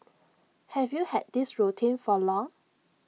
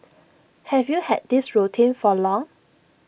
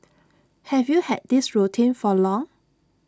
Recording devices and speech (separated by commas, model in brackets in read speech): mobile phone (iPhone 6), boundary microphone (BM630), standing microphone (AKG C214), read sentence